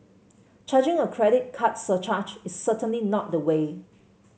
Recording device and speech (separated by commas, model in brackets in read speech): mobile phone (Samsung C7), read sentence